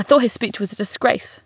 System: none